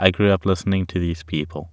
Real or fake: real